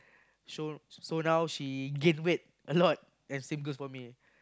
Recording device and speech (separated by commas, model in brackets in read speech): close-talking microphone, conversation in the same room